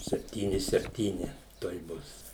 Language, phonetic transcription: Lithuanian, sepˈtyni sepˈtyni tuoj ˈbus

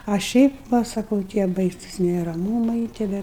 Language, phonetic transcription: Lithuanian, a ˈšiaip ˈva saˈkau tie ˈbaisus neraˈmūmai tie ˈve

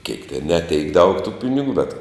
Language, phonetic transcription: Lithuanian, keik ten ne teik daug tų ˈpiniˌgu bet

